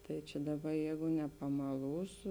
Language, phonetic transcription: Lithuanian, tai čia ˈdaˌba ˈjeigu nepamaˈlūsu

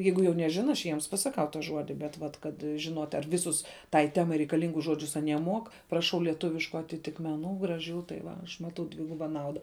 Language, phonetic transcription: Lithuanian, ˈjeigu jau neˈžina aš ˈjiems pasaˈkau ta ˈžuodi bet ˈvat kad žiˈnuot' ar ˈviˌsus tai ˈtemai reikaˈlingus ˈžuodžius aˈnie mok praˈšau lieˈtuvišku atitikmeˈnų graˈžių tai va ˈaš ˈmatau ˈdviguba ˈnauda

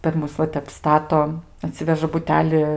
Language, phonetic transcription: Lithuanian, per ˈmus va ˈtep ˈstato aˈtsiveža buˈteli

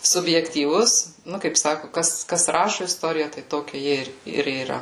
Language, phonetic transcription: Lithuanian, subjektyˈvus ˈnu kaip ˈsaku ˈkas kas ˈrašu isˈtoriją tai ˈtokia ˈji ir ir yˈra

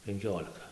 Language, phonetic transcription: Lithuanian, penˈkiolika

